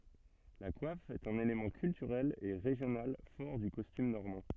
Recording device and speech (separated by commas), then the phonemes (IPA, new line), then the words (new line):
soft in-ear microphone, read sentence
la kwaf ɛt œ̃n elemɑ̃ kyltyʁɛl e ʁeʒjonal fɔʁ dy kɔstym nɔʁmɑ̃
La coiffe est un élément culturel et régional fort du costume normand.